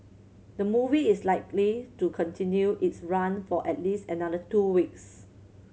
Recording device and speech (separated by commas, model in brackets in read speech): mobile phone (Samsung C7100), read sentence